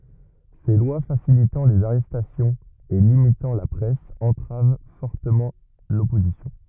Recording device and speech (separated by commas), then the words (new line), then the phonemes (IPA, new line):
rigid in-ear microphone, read sentence
Ces lois facilitant les arrestations et limitant la presse entravent fortement l'opposition.
se lwa fasilitɑ̃ lez aʁɛstasjɔ̃z e limitɑ̃ la pʁɛs ɑ̃tʁav fɔʁtəmɑ̃ lɔpozisjɔ̃